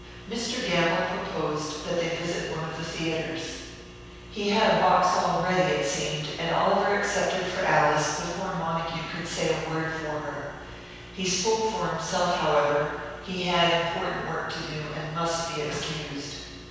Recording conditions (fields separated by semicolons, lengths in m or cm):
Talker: one person; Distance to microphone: 7.1 m; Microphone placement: far; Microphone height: 1.7 m; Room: very reverberant, large; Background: none